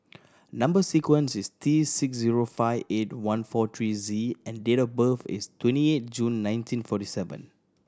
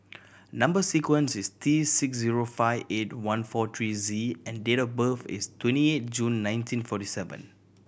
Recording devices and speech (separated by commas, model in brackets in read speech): standing microphone (AKG C214), boundary microphone (BM630), read sentence